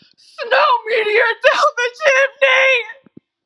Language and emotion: English, sad